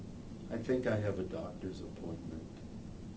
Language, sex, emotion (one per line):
English
male
neutral